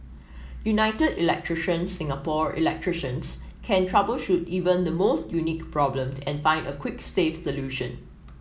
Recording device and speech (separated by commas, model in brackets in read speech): mobile phone (iPhone 7), read sentence